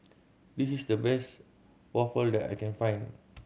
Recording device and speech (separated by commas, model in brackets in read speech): mobile phone (Samsung C7100), read sentence